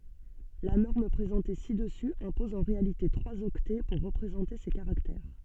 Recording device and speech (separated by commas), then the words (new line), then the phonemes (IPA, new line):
soft in-ear microphone, read sentence
La norme présentée ci-dessus impose en réalité trois octets pour représenter ces caractères.
la nɔʁm pʁezɑ̃te si dəsy ɛ̃pɔz ɑ̃ ʁealite tʁwaz ɔktɛ puʁ ʁəpʁezɑ̃te se kaʁaktɛʁ